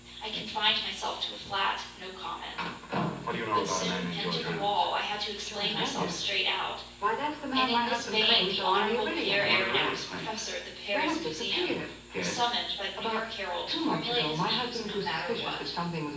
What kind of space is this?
A sizeable room.